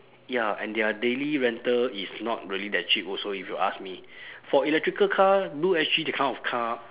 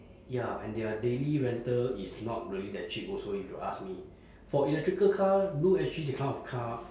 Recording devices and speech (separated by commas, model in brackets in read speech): telephone, standing microphone, conversation in separate rooms